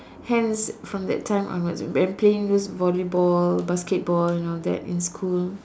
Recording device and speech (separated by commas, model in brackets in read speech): standing microphone, conversation in separate rooms